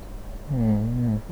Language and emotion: Thai, neutral